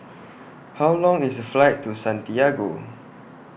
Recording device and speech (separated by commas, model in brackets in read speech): boundary microphone (BM630), read sentence